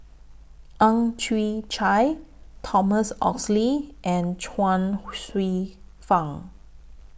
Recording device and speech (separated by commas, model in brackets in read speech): boundary microphone (BM630), read sentence